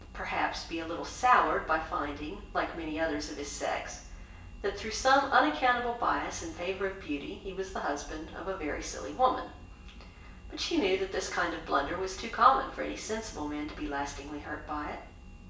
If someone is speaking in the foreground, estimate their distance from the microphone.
1.8 m.